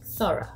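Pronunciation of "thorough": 'Thorough' is said in a UK pronunciation, with an uh sound at the end instead of an oh sound.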